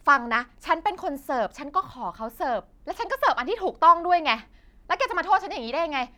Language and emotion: Thai, angry